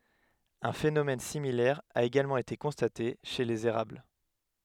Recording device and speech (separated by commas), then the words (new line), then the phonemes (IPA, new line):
headset microphone, read sentence
Un phénomène similaire a également été constaté chez les érables.
œ̃ fenomɛn similɛʁ a eɡalmɑ̃ ete kɔ̃state ʃe lez eʁabl